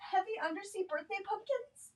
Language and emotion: English, sad